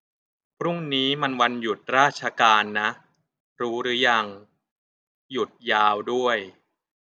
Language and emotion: Thai, neutral